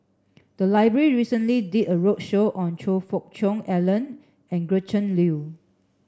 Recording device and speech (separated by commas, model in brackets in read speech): standing microphone (AKG C214), read sentence